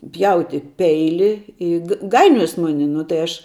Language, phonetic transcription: Lithuanian, ˈpjauti ˈpeili ˈi g ˈgainiojos ˈmuni nu tai ˈaš

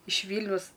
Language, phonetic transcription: Lithuanian, iš ˈvylniaus

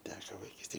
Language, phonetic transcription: Lithuanian, ˈteko vaiˈkystėj

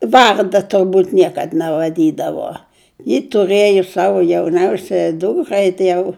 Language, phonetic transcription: Lithuanian, ˈvarda turˈbūt ˈniekad nevaˈdydavo ji tuˈrɘjo ˈsavo jauˈniausiaja ˈdūkrai tai ˈjau

